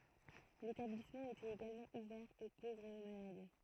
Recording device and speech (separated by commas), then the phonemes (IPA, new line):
throat microphone, read sentence
letablismɑ̃ etɛt eɡalmɑ̃ uvɛʁ o povʁz e o malad